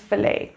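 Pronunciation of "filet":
'Filet' is pronounced correctly here.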